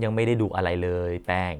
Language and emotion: Thai, frustrated